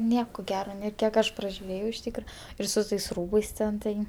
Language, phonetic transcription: Lithuanian, ˈnieko ˈgero ˈnė ˈkiek aš pražiuˈrėjau iš ˈtykra ir su ˈtais ˈrūbais ˈten ˈtai

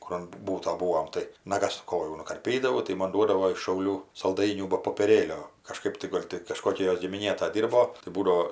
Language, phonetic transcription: Lithuanian, ˈkur an ˈbūto ˈbūom tai naˈgas ˈkojų nukarˈpydavau tai ˈmon ˈduodavo iš šauˈlių salˈdainių ba popieˈrėlio kažˈkaip tai ˈgol' ti kažˈkokia ˈjos gimiˈnė ta ˈdyrbo tai ˈbūdao

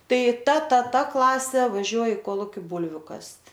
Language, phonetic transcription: Lithuanian, ˈtai ˈta ˈta ˈta ˈklasė vaˈžiuoj i ˈkoluki ˈbūlviu ˈkast'

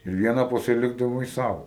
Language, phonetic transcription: Lithuanian, ir ˈviena pasiˈlikdavai ˈsau

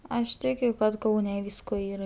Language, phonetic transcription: Lithuanian, aš ˈtikiu kad ˈkaune ˈvysko ˈyra

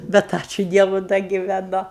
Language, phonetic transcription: Lithuanian, ˈbet ˈačiu ˈdievu ˈda giveˈnu

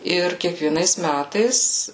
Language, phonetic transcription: Lithuanian, ˈir kiekvieˈnais ˈmætais

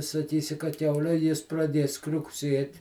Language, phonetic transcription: Lithuanian, saˈkysi ka ˈkiaule ˈjis praˈdies kriukˈsiet'

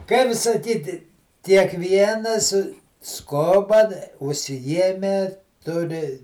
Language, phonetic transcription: Lithuanian, ˈkaip saˈkyti kiekˈvienas ˈskoba užsiˈjieme ˈturi

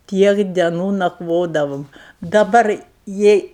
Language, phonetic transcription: Lithuanian, ˈtiek deˈnų nakˈvodavom daˈbar ˈjei

